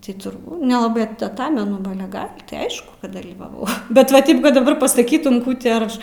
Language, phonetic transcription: Lithuanian, tai turˈbū nelaˈbɜ taˈtamenu ˈba ˈale ˈgal' ti ˈaišku kad dalyvaˈvau ˈbet va ˈtip kad daˈbar pasaˈkytum ˈkų ti ar ˈaš

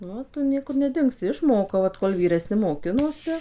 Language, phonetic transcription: Lithuanian, nu ˈo ˈtu ˈniekur neˈdingsi išˈmokau vat kol vyreˈsni moˈkinosi

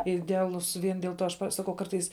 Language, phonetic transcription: Lithuanian, ideaˈlus ˈvien diel ˈto aš ˈpa ˈsakau ˈkartais

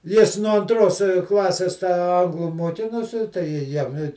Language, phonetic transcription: Lithuanian, ˈjis nuo anˈtros ˈklasės tą ˈanglu muoˈkinosi tai ˈji ˈjam i

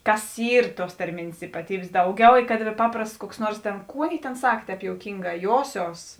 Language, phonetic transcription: Lithuanian, ˈkas ˈyr ˈtuos tarˈmėnės ypaˈtybės ˈdauˌgiau i kad ˈpaprasts kuoks ˈnuors tėn ˈkų ˈaˌnėi tėn ˈsak ˈtēp jouˈkyngā ˈjosios

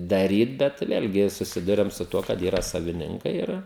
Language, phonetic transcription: Lithuanian, daˈryt bet ˈvėlgi suˈsiduriam su ˈtuo kad ˈyra saviˈninkai ˈir

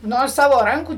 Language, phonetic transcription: Lithuanian, ˈno ˈsavo ˈrankų

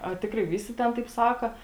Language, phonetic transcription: Lithuanian, a ˈtikrai ˈvysi ˈten taip ˈsaka

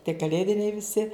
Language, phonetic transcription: Lithuanian, tie kaˈlėdiniai viˈsi

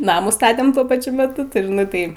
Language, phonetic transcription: Lithuanian, ˈnamų ˈstatem ˈtuo paˈčiu meˈtu nu ˈtai

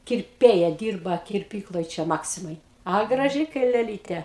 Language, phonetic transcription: Lithuanian, kirˈpėja ˈdyrba kirˈpykloj ˈčia ˈmaksimaj a graˈži kai leˈlytė

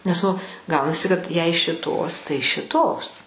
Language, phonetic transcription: Lithuanian, nes ˈnu ˈgaunasi kad jei šiˈtos tai šiˈtos

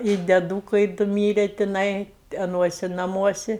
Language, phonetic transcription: Lithuanian, i deˈdūkai ˈdu ˈmyre tiˈnai aˈnuosi naˈmuosi

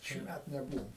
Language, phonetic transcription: Lithuanian, šįˈmæt neˈbūvom

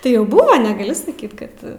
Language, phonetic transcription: Lithuanian, tai ˈjau ˈbuvo neˈgali saˈkyt ˈkad

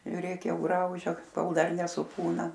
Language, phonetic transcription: Lithuanian, žiuˈrėk ˈjau ˈgraužia ˈkol ˈdar nesuˈpūna

